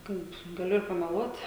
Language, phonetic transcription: Lithuanian, ˈkaip gaˈliu ir pameˈluot

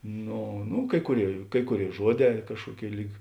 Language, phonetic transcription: Lithuanian, ˈno nu ˈkai kuˌrėi ˈkai kuˌrėi ˈžuoˌdē ˈkažkuoˌkėi ˈlyg

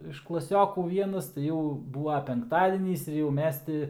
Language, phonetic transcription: Lithuanian, iš klaˈsiokų ˈvienas tai ˈjau ˈbūva penkˈtadienys ir jau ˈmes ti

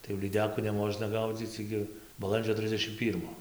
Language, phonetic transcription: Lithuanian, tai jau lyˈdekų neˈmožna ˈgaudzyc ˈigi baˈlandžio ˈtrisdešim ˈpyrmo

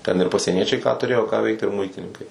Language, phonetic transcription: Lithuanian, ten ir pasieˈniečiai ką tuˈrėjo ką ˈveikt ir ˈmuitininkai

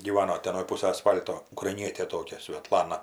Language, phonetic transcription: Lithuanian, gyˈvano ˈten anoj ˈpūsaj aˈsfal'to ukraiˈnietė ˈtokia sveˈtlana

